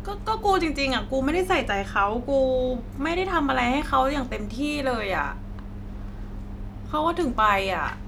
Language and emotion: Thai, frustrated